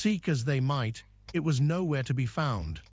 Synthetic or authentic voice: synthetic